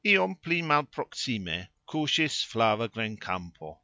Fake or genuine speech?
genuine